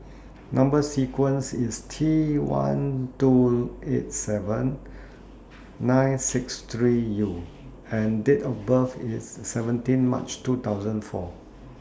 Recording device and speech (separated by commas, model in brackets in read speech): standing microphone (AKG C214), read sentence